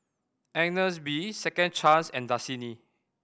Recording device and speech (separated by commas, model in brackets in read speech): boundary microphone (BM630), read sentence